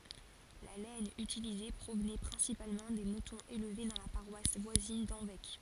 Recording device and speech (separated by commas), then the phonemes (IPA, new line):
forehead accelerometer, read sentence
la lɛn ytilize pʁovnɛ pʁɛ̃sipalmɑ̃ de mutɔ̃z elve dɑ̃ la paʁwas vwazin dɑ̃vɛk